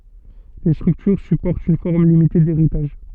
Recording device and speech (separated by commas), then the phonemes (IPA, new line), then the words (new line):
soft in-ear microphone, read sentence
le stʁyktyʁ sypɔʁtt yn fɔʁm limite deʁitaʒ
Les structures supportent une forme limitée d'héritage.